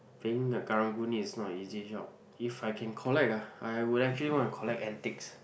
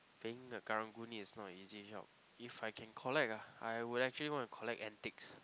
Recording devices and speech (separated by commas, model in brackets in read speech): boundary microphone, close-talking microphone, conversation in the same room